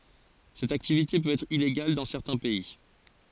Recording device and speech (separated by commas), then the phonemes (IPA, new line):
forehead accelerometer, read sentence
sɛt aktivite pøt ɛtʁ ileɡal dɑ̃ sɛʁtɛ̃ pɛi